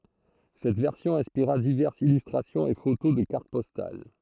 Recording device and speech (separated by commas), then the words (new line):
throat microphone, read sentence
Cette version inspira diverses illustrations et photos de cartes postales.